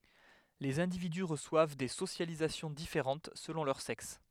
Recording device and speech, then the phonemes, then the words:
headset microphone, read sentence
lez ɛ̃dividy ʁəswav de sosjalizasjɔ̃ difeʁɑ̃t səlɔ̃ lœʁ sɛks
Les individus reçoivent des socialisations différentes selon leur sexe.

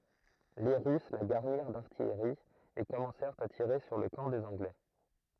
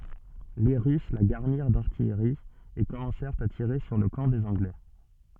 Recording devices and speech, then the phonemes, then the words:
throat microphone, soft in-ear microphone, read sentence
le ʁys la ɡaʁniʁ daʁtijʁi e kɔmɑ̃sɛʁt a tiʁe syʁ lə kɑ̃ dez ɑ̃ɡlɛ
Les Russes la garnirent d’artillerie, et commencèrent à tirer sur le camp des Anglais.

